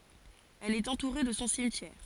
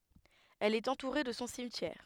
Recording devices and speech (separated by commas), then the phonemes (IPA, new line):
forehead accelerometer, headset microphone, read sentence
ɛl ɛt ɑ̃tuʁe də sɔ̃ simtjɛʁ